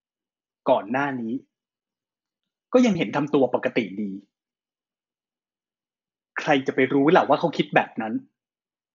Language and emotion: Thai, frustrated